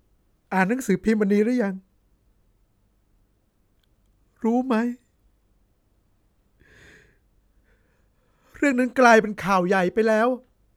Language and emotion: Thai, sad